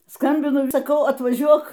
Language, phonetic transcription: Lithuanian, ˈskambinu i saˈkau atvaˈžiuok

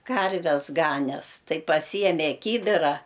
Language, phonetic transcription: Lithuanian, ˈkarves ˈganes ˈtai paˈsyjeme ˈkybira

